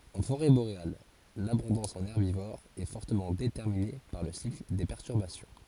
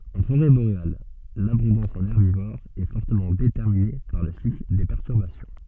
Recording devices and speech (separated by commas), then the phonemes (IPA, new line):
forehead accelerometer, soft in-ear microphone, read sentence
ɑ̃ foʁɛ boʁeal labɔ̃dɑ̃s ɑ̃n ɛʁbivoʁz ɛ fɔʁtəmɑ̃ detɛʁmine paʁ lə sikl de pɛʁtyʁbasjɔ̃